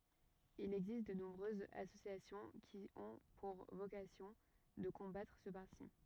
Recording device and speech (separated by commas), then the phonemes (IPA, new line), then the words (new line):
rigid in-ear microphone, read sentence
il ɛɡzist də nɔ̃bʁøzz asosjasjɔ̃ ki ɔ̃ puʁ vokasjɔ̃ də kɔ̃batʁ sə paʁti
Il existe de nombreuses associations qui ont pour vocation de combattre ce parti.